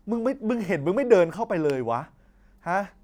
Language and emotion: Thai, frustrated